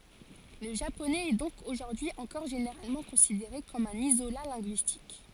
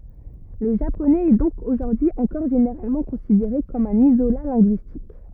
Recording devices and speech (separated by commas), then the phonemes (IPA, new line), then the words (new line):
forehead accelerometer, rigid in-ear microphone, read sentence
lə ʒaponɛz ɛ dɔ̃k oʒuʁdyi ɑ̃kɔʁ ʒeneʁalmɑ̃ kɔ̃sideʁe kɔm œ̃n izola lɛ̃ɡyistik
Le japonais est donc aujourd'hui encore généralement considéré comme un isolat linguistique.